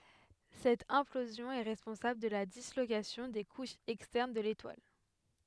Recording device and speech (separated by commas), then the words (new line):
headset microphone, read sentence
Cette implosion est responsable de la dislocation des couches externes de l'étoile.